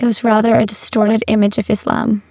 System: VC, spectral filtering